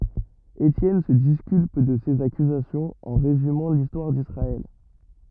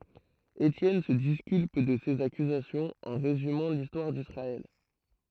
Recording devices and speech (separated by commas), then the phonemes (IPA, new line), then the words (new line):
rigid in-ear microphone, throat microphone, read sentence
etjɛn sə diskylp də sez akyzasjɔ̃z ɑ̃ ʁezymɑ̃ listwaʁ disʁaɛl
Étienne se disculpe de ces accusations en résumant l’histoire d’Israël.